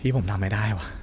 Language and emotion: Thai, frustrated